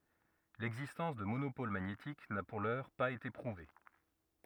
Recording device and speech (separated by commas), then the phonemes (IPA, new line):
rigid in-ear microphone, read sentence
lɛɡzistɑ̃s də monopol maɲetik na puʁ lœʁ paz ete pʁuve